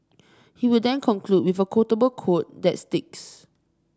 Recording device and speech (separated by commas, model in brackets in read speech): standing microphone (AKG C214), read sentence